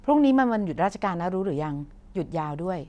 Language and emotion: Thai, neutral